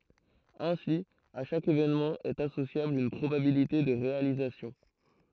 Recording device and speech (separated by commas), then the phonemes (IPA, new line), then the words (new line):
throat microphone, read sentence
ɛ̃si a ʃak evenmɑ̃ ɛt asosjabl yn pʁobabilite də ʁealizasjɔ̃
Ainsi, à chaque événement est associable une probabilité de réalisation.